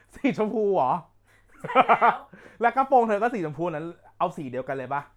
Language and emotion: Thai, happy